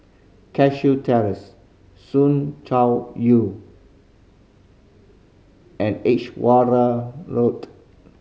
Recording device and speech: mobile phone (Samsung C5010), read sentence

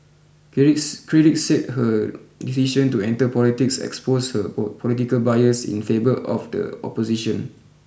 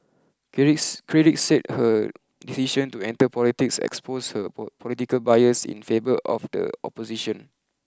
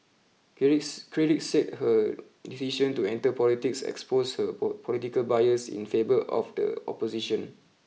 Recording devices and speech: boundary microphone (BM630), close-talking microphone (WH20), mobile phone (iPhone 6), read sentence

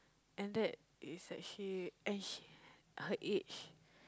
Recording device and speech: close-talking microphone, conversation in the same room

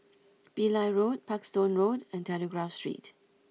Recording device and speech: mobile phone (iPhone 6), read sentence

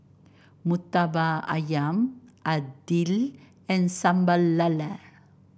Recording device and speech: boundary microphone (BM630), read sentence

